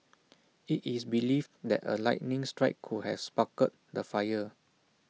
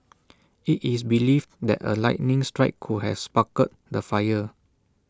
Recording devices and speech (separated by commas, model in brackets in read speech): mobile phone (iPhone 6), standing microphone (AKG C214), read sentence